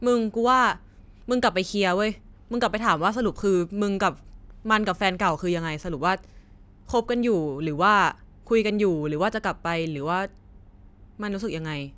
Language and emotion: Thai, neutral